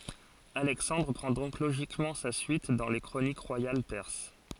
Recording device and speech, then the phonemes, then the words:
forehead accelerometer, read sentence
alɛksɑ̃dʁ pʁɑ̃ dɔ̃k loʒikmɑ̃ sa syit dɑ̃ le kʁonik ʁwajal pɛʁs
Alexandre prend donc logiquement sa suite dans les chroniques royales perses.

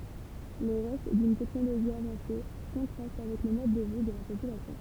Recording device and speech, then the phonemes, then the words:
temple vibration pickup, read sentence
le ʁɛst dyn tɛknoloʒi avɑ̃se kɔ̃tʁast avɛk lə mɔd də vi də la popylasjɔ̃
Les restes d'une technologie avancée contrastent avec le mode de vie de la population.

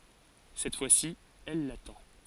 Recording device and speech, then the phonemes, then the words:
forehead accelerometer, read sentence
sɛt fwasi ɛl latɑ̃
Cette fois-ci, elle l'attend.

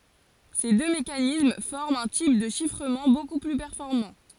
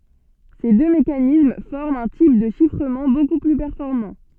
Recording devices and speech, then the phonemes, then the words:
forehead accelerometer, soft in-ear microphone, read sentence
se dø mekanism fɔʁmt œ̃ tip də ʃifʁəmɑ̃ boku ply pɛʁfɔʁmɑ̃
Ces deux mécanismes forment un type de chiffrement beaucoup plus performant.

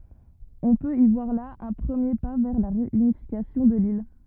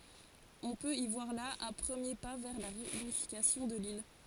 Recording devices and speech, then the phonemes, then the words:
rigid in-ear microphone, forehead accelerometer, read sentence
ɔ̃ pøt i vwaʁ la œ̃ pʁəmje pa vɛʁ la ʁeynifikasjɔ̃ də lil
On peut y voir là un premier pas vers la réunification de l'île.

